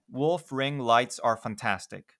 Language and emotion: English, neutral